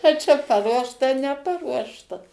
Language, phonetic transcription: Lithuanian, a ˈčia paˈruošta neˈparuošta

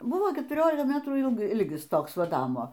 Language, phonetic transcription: Lithuanian, ˈbuvo ketuˈriolika ˈmetrų ˈilg ˈilgis ˈtoks ˈva ˈnamo

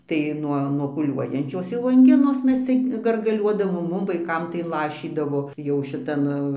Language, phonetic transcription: Lithuanian, tai ˈnuo nuo pūˈliuojančios jau anˈginos ˈmes ˈcik gargaˈliuodavom ˈmum vaiˈkam tai ˈlašydavo jau šiˈtan

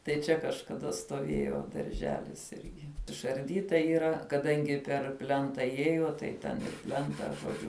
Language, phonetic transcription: Lithuanian, tai ˈčia kažkaˈda stoˈvėjo darˈželis ˈirgi išarˈdyta yˈra kaˈdangi per ˈplenta ˈjiejo tai ˈten ˈplenta žoˈdžiu

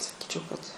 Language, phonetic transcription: Lithuanian, saˈkyčiau kad

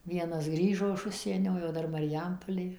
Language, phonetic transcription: Lithuanian, ˈvienas ˈgrįžo iš ˈužsienio jau ˈdar mariˈjampolė

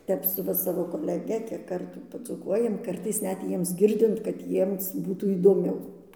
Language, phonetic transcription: Lithuanian, ˈtep su ˈva savo koleˈge kiek ˈkartų padzūˈkuojam ˈkartais ˈnet ˈjiems ˈgirdint kad ˈjiems ˈbūtų įdoˈmiau

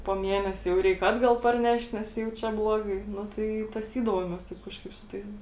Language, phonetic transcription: Lithuanian, po ˈmienesė jau ˈreik ˈatgal parˈnešt nes jau ˈčia ˈblogai ˈnu tai i taˈsydavomės ˈtaip kažˈkaip su ˈtais

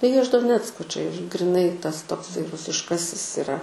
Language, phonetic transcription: Lithuanian, tai ˈjie iš doˈnecko čia iš griˈnai ˈtas tokˈsai rusišˈkasis iˈra

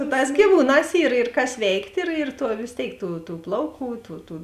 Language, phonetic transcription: Lithuanian, su ˈtās gyˈvūˌnās yr ir kas ˈveikt' ir ir ˈtuo vės ˈtėik tų tų ˈplauˌkų tų tų

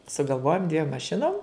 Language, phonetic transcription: Lithuanian, sugalˈvojom dviem maˈšinom

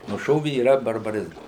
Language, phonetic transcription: Lithuanian, nuˈšovi yˈra barbaˈrizmas

